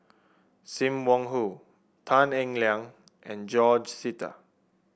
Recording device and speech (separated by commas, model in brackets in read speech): boundary microphone (BM630), read sentence